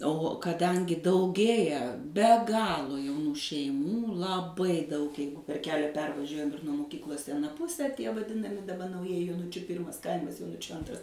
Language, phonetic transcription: Lithuanian, o kaˈdangi dauˈgėja be ˈgalo jauˈnų šeiˈmų laˈbai daug ˈjeigu per ˈkelia ˈpervažiuojam ir nuo moˈkyklos i aˈna ˈpuse tie vaˈdinami daˈba nauˈjieji joˈnučiu ˈpyrmas ˈkaimas joˈnučiu ˈantras

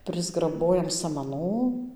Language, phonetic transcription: Lithuanian, prisgraˈbojam samaˈnų

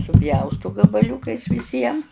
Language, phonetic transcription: Lithuanian, suˈpjaustu gabaˈliukais viˈsiem

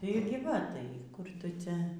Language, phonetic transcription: Lithuanian, tai ir gi ˈva ˈtai kur ˈtu ˈcia

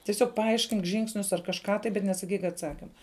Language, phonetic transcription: Lithuanian, tiˈsiog paˈaiškink ˈžingsnius ar kažˈką tai bet nesaˈkyk atˈsakima

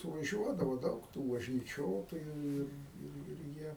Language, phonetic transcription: Lithuanian, suvaˈžiuodavo ˈdaug tų važnyˈčiotoju ˈir ˈir ir ˈjie

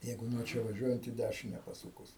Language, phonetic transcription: Lithuanian, ˈjeigu nuo ˈčia vaˈžiuojant į ˈdæšine paˈsūkus

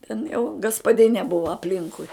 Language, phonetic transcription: Lithuanian, ten jau gaspaˈdinė ˈbuva apˈlinkui

